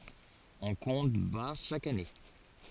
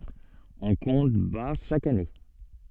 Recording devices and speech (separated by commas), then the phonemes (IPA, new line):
forehead accelerometer, soft in-ear microphone, read sentence
ɔ̃ kɔ̃t baʁ ʃak ane